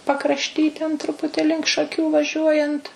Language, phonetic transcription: Lithuanian, pakrašˈty ten ˈtruputi link šaˈkių vaˈžiuojant

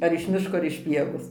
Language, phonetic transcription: Lithuanian, ar iš ˈmiško ar iš ˈpievos

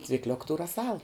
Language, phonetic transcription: Lithuanian, cvikˈliuk tū raˈsal

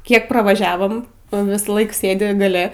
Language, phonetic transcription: Lithuanian, ˈkiek pravaˈžiavom ˈnu ˈvisˌlaik ˈsėdi gaˈle

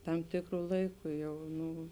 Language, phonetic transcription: Lithuanian, ˈtam ˈtikru ˈlaiku ˈjau ˈnu

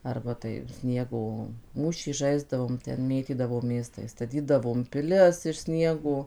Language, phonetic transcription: Lithuanian, ˈarba tai ˈsniego ˈmūšį ˈžaisdavom ˈten ˈmėtydavomės tai staˈtydavom piˈlis iš ˈsniego

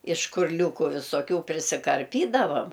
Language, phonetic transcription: Lithuanian, iš škurˈliūkų visoˈkių prisikarˈpydavam

